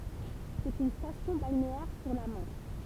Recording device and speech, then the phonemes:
temple vibration pickup, read sentence
sɛt yn stasjɔ̃ balneɛʁ syʁ la mɑ̃ʃ

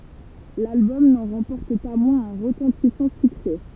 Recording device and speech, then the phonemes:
temple vibration pickup, read sentence
lalbɔm nɑ̃ ʁɑ̃pɔʁt pa mwɛ̃z œ̃ ʁətɑ̃tisɑ̃ syksɛ

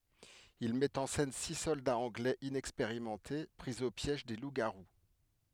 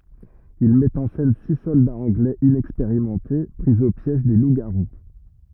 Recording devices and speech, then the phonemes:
headset microphone, rigid in-ear microphone, read sentence
il mɛt ɑ̃ sɛn si sɔldaz ɑ̃ɡlɛz inɛkspeʁimɑ̃te pʁi o pjɛʒ de lupzɡaʁu

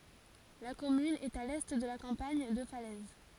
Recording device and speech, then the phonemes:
forehead accelerometer, read sentence
la kɔmyn ɛt a lɛ də la kɑ̃paɲ də falɛz

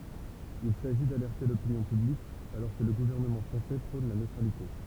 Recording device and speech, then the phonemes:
temple vibration pickup, read sentence
il saʒi dalɛʁte lopinjɔ̃ pyblik alɔʁ kə lə ɡuvɛʁnəmɑ̃ fʁɑ̃sɛ pʁɔ̃n la nøtʁalite

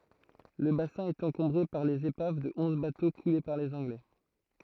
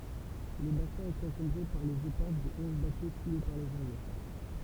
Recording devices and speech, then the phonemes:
throat microphone, temple vibration pickup, read sentence
lə basɛ̃ ɛt ɑ̃kɔ̃bʁe paʁ lez epav də ɔ̃z bato kule paʁ lez ɑ̃ɡlɛ

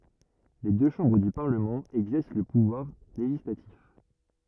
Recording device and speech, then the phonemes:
rigid in-ear microphone, read sentence
le dø ʃɑ̃bʁ dy paʁləmɑ̃ ɛɡzɛʁs lə puvwaʁ leʒislatif

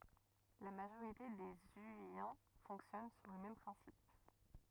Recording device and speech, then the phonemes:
rigid in-ear microphone, read sentence
la maʒoʁite de zyijɛ̃ fɔ̃ksjɔn syʁ lə mɛm pʁɛ̃sip

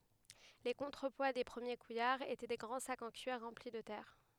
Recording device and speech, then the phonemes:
headset microphone, read sentence
le kɔ̃tʁəpwa de pʁəmje kujaʁz etɛ de ɡʁɑ̃ sakz ɑ̃ kyiʁ ʁɑ̃pli də tɛʁ

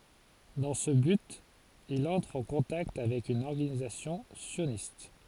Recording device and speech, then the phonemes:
forehead accelerometer, read sentence
dɑ̃ sə byt il ɑ̃tʁ ɑ̃ kɔ̃takt avɛk yn ɔʁɡanizasjɔ̃ sjonist

